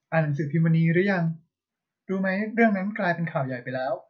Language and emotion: Thai, neutral